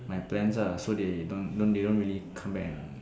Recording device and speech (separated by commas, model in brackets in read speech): standing microphone, conversation in separate rooms